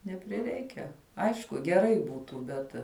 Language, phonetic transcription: Lithuanian, nepriˈreikia ˈaišku geˈrai ˈbūtų ˈbet

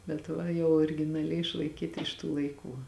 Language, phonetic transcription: Lithuanian, bet ˈva jau originaˈliai išlaiˈkyta iš tų laiˈkų

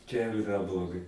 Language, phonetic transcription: Lithuanian, čia jau iˈra bloˈgai

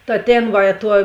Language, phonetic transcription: Lithuanian, ta ˈtėn ˈva i tuo

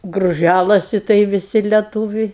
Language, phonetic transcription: Lithuanian, gruˈžælasi tai viˈsi leˈtūviai

